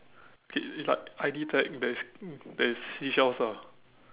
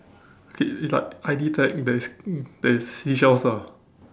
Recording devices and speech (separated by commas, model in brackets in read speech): telephone, standing microphone, conversation in separate rooms